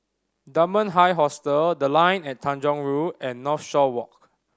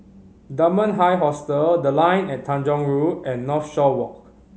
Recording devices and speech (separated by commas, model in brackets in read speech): standing microphone (AKG C214), mobile phone (Samsung C5010), read sentence